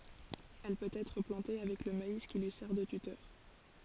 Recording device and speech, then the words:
forehead accelerometer, read sentence
Elle peut être plantée avec le maïs qui lui sert de tuteur.

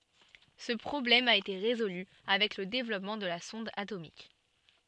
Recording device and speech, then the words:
soft in-ear microphone, read sentence
Ce problème a été résolue avec le développement de la sonde atomique.

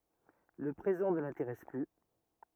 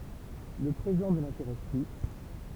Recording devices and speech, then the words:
rigid in-ear microphone, temple vibration pickup, read sentence
Le présent ne l’intéresse plus.

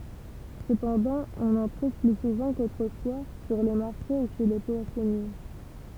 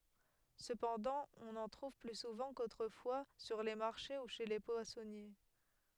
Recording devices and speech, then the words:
temple vibration pickup, headset microphone, read sentence
Cependant, on en trouve plus souvent qu'autrefois sur les marchés ou chez les poissonniers.

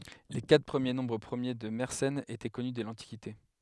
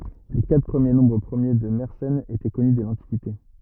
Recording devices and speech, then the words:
headset microphone, rigid in-ear microphone, read sentence
Les quatre premiers nombres premiers de Mersenne étaient connus dès l'Antiquité.

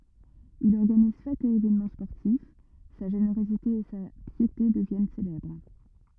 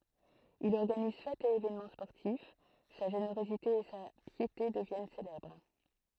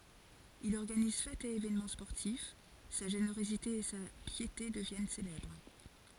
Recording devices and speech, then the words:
rigid in-ear microphone, throat microphone, forehead accelerometer, read sentence
Il organise fêtes et évènements sportifs, sa générosité et sa piété deviennent célèbres.

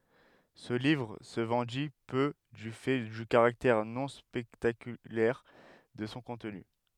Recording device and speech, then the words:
headset microphone, read sentence
Ce livre se vendit peu du fait du caractère non spectaculaire de son contenu.

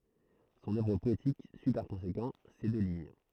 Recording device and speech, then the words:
throat microphone, read sentence
Son œuvre poétique suit par conséquent ces deux lignes.

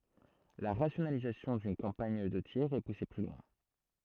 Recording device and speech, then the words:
throat microphone, read sentence
La rationalisation d'une campagne de tir est poussée plus loin.

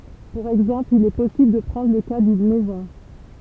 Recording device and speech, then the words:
temple vibration pickup, read sentence
Pour exemple, il est possible de prendre le cas d'une maison.

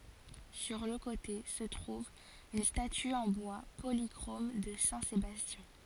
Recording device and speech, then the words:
forehead accelerometer, read sentence
Sur le côté se trouve une statue en bois polychrome de saint Sébastien.

